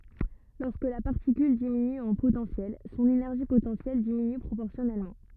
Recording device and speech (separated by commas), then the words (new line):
rigid in-ear microphone, read sentence
Lorsque la particule diminue en potentiel, son énergie potentielle diminue proportionnellement.